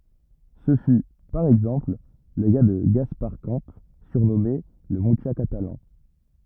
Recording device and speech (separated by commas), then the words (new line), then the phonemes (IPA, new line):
rigid in-ear microphone, read sentence
Ce fut, par exemple, le cas de Gaspar Camps, surnommé le Mucha catalan.
sə fy paʁ ɛɡzɑ̃pl lə ka də ɡaspaʁ kɑ̃ syʁnɔme lə myʃa katalɑ̃